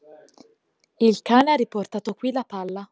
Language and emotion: Italian, neutral